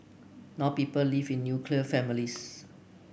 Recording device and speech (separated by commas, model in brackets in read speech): boundary microphone (BM630), read sentence